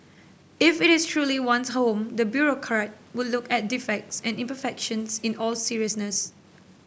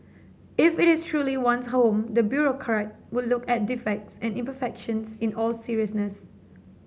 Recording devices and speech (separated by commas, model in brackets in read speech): boundary microphone (BM630), mobile phone (Samsung C7), read sentence